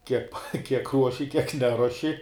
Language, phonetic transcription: Lithuanian, ˈkiek kiek ˈruoši kiek ˈneruoši

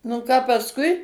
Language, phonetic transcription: Lithuanian, nu ˈką pasˈkui

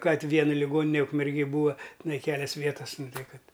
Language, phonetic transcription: Lithuanian, ˈkad ˈvien liˈgonine ukmerˈgėj ˈbūa tiˈnai ˈkelias ˈvietas ˈnu ˈtai ˈkad

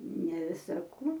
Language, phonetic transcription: Lithuanian, ne ˈvisa ˈkų

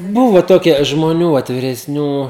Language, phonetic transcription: Lithuanian, ˈbuvo ˈtokie žmoˈnių vat viresˈnių

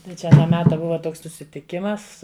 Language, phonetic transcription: Lithuanian, tai ˈčia aˈną ˈmeta ˈbuva ˈtoks susitiˈkimas

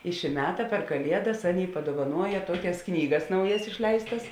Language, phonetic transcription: Lithuanian, i ši ˈmeta per kaˈliedas ˈaˌnėi paduovaˈnuoja ˈtuokias ˈknygas ˈnaujas išˈleistas

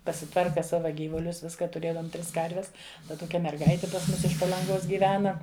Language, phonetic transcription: Lithuanian, pasiˈtvarka ˈsava ˈgyvulius ˈviska tuˈrėdom ˈtris ˈkarves ˈda ˈtokia merˈgaiti pas ˈmus iš palanˈgos gyˈvena

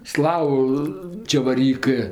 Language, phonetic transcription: Lithuanian, ˈslavu čevarˈykɜ

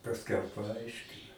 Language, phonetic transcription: Lithuanian, pasˈkiau paˈaiškina

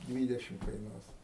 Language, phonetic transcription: Lithuanian, ˈdvydešim kaiˈnuos

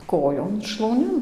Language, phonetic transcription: Lithuanian, ˈkojon šlauˈnin

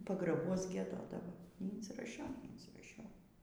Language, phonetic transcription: Lithuanian, pagraˈbuos gieˈdodavo nyinsiraˈšiau neinsyraˈšiau

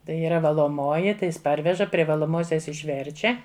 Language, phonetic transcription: Lithuanian, ˈtai yˈra valoˈmoji ˈtai ˈjis ˈparveža pri valoˈmosias išˈverčia

